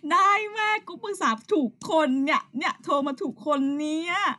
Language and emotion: Thai, happy